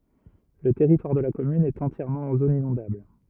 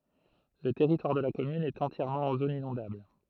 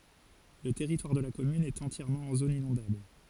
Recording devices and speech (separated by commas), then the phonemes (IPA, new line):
rigid in-ear microphone, throat microphone, forehead accelerometer, read sentence
lə tɛʁitwaʁ də la kɔmyn ɛt ɑ̃tjɛʁmɑ̃ ɑ̃ zon inɔ̃dabl